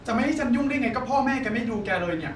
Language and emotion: Thai, frustrated